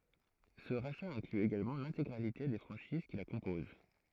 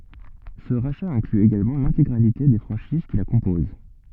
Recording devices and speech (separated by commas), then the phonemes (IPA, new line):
throat microphone, soft in-ear microphone, read sentence
sə ʁaʃa ɛ̃kly eɡalmɑ̃ lɛ̃teɡʁalite de fʁɑ̃ʃiz ki la kɔ̃poz